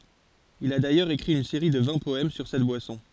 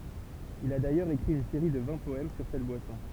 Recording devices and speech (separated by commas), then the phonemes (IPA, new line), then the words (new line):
forehead accelerometer, temple vibration pickup, read sentence
il a dajœʁz ekʁi yn seʁi də vɛ̃ pɔɛm syʁ sɛt bwasɔ̃
Il a d'ailleurs écrit une série de vingt poèmes sur cette boisson.